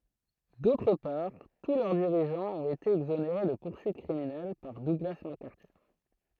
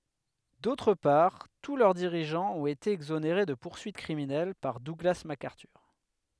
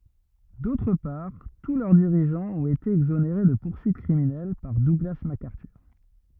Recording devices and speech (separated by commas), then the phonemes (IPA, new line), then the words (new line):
throat microphone, headset microphone, rigid in-ear microphone, read sentence
dotʁ paʁ tu lœʁ diʁiʒɑ̃z ɔ̃t ete ɛɡzoneʁe də puʁsyit kʁiminɛl paʁ duɡla makaʁtyʁ
D'autre part, tous leurs dirigeants ont été exonérés de poursuites criminelles par Douglas MacArthur.